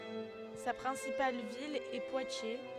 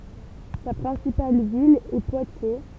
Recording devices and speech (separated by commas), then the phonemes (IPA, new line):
headset microphone, temple vibration pickup, read sentence
sa pʁɛ̃sipal vil ɛ pwatje